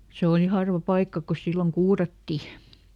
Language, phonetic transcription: Finnish, ˈse òli ˈharva ˈpaikka ko ˈsilloŋ "kuuratti .
- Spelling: se oli harva paikka kun silloin kuurattiin

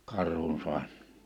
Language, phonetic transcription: Finnish, 'Karhunsu̬ar .
- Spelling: Karhunsaari

